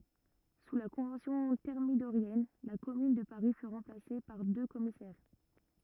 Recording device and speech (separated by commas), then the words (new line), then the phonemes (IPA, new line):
rigid in-ear microphone, read sentence
Sous la Convention thermidorienne, la Commune de Paris fut remplacée par deux commissaires.
su la kɔ̃vɑ̃sjɔ̃ tɛʁmidoʁjɛn la kɔmyn də paʁi fy ʁɑ̃plase paʁ dø kɔmisɛʁ